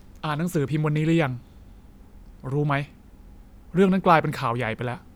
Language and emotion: Thai, sad